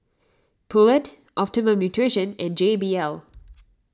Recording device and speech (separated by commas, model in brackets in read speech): standing microphone (AKG C214), read sentence